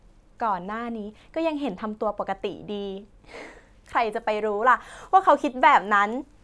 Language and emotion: Thai, happy